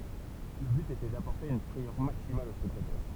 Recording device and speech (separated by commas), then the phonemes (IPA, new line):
temple vibration pickup, read sentence
lə byt etɛ dapɔʁte yn fʁɛjœʁ maksimal o spɛktatœʁ